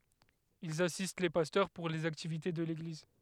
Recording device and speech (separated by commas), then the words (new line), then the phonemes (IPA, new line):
headset microphone, read sentence
Ils assistent les pasteurs pour les activités de l'Église.
ilz asist le pastœʁ puʁ lez aktivite də leɡliz